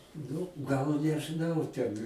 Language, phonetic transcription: Lithuanian, ˈnu gal nežɨˈnau ˈten

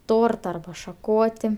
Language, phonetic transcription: Lithuanian, ˈtorta arba šaˈkoti

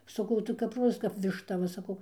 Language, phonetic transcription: Lithuanian, saˈkau tai kap ˈrozas kap višˈta ˈva saˈkau

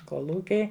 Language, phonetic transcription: Lithuanian, koˈlūkiai

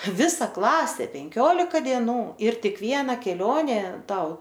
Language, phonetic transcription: Lithuanian, ˈvisa ˈklasė penˈkiolika dieˈnų ir ˈtik ˈviena keˈlionė ˈtau

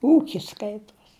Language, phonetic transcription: Lithuanian, ˈūkis ˈskaituos

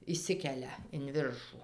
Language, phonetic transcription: Lithuanian, išˈsikelia in ˈviršų

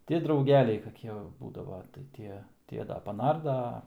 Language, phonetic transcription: Lithuanian, ti drauˈgeliai kaˈkie va ˈbūdava tai ˈtie ˈtie ˈda paˈnarda ˈa

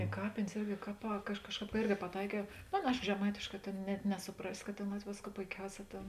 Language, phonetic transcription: Lithuanian, i ˈkapėnės ˈirgi ˈkaˌpā ka ˈaš ˈkažˌkāp ka ˈirgi paˈtaikiau ˈno ˈaˌna ˈaiško žeˈmaitėšˌkā ˈtėn net nesuˈprasi kad ˈtėn ˈlat'v' ˈvėsˌkų poiˈkiauˌsē ˈtėn

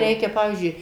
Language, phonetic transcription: Lithuanian, ˈreikia ˈpavyzdžiui

